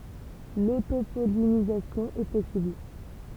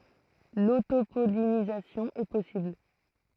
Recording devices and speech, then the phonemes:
temple vibration pickup, throat microphone, read sentence
lotopɔlinizasjɔ̃ ɛ pɔsibl

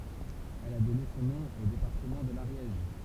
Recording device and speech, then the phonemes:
temple vibration pickup, read sentence
ɛl a dɔne sɔ̃ nɔ̃ o depaʁtəmɑ̃ də laʁjɛʒ

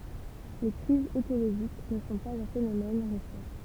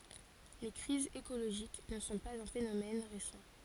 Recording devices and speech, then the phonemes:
temple vibration pickup, forehead accelerometer, read sentence
le kʁizz ekoloʒik nə sɔ̃ paz œ̃ fenomɛn ʁesɑ̃

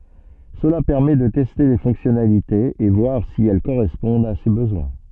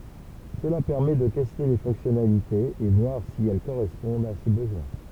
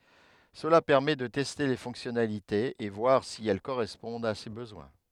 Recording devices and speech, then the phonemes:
soft in-ear microphone, temple vibration pickup, headset microphone, read sentence
səla pɛʁmɛ də tɛste le fɔ̃ksjɔnalitez e vwaʁ si ɛl koʁɛspɔ̃dt a se bəzwɛ̃

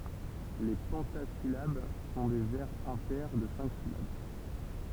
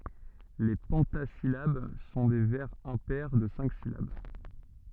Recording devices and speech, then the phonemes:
temple vibration pickup, soft in-ear microphone, read sentence
le pɑ̃tazilab sɔ̃ de vɛʁz ɛ̃pɛʁ də sɛ̃k silab

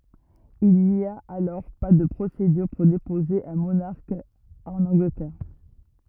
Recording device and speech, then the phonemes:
rigid in-ear microphone, read sentence
il ni a alɔʁ pa də pʁosedyʁ puʁ depoze œ̃ monaʁk ɑ̃n ɑ̃ɡlətɛʁ

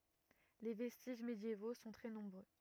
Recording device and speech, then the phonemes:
rigid in-ear microphone, read sentence
le vɛstiʒ medjevo sɔ̃ tʁɛ nɔ̃bʁø

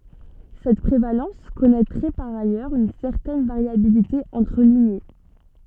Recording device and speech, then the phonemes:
soft in-ear microphone, read sentence
sɛt pʁevalɑ̃s kɔnɛtʁɛ paʁ ajœʁz yn sɛʁtɛn vaʁjabilite ɑ̃tʁ liɲe

